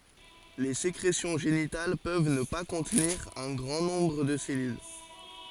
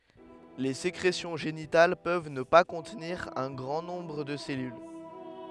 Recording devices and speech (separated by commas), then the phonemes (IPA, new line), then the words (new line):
forehead accelerometer, headset microphone, read sentence
le sekʁesjɔ̃ ʒenital pøv nə pa kɔ̃tniʁ œ̃ ɡʁɑ̃ nɔ̃bʁ də se sɛlyl
Les sécrétions génitales peuvent ne pas contenir un grand nombre de ces cellules.